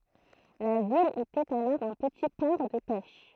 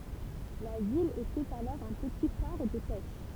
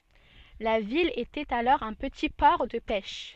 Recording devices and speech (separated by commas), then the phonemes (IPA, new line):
throat microphone, temple vibration pickup, soft in-ear microphone, read sentence
la vil etɛt alɔʁ œ̃ pəti pɔʁ də pɛʃ